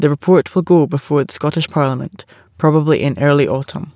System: none